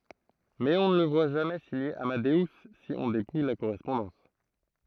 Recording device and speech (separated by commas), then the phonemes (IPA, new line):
throat microphone, read sentence
mɛz ɔ̃ nə lə vwa ʒamɛ siɲe amadø si ɔ̃ depuj la koʁɛspɔ̃dɑ̃s